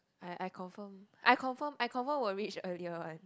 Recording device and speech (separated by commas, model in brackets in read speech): close-talking microphone, conversation in the same room